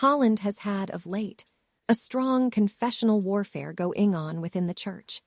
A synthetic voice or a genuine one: synthetic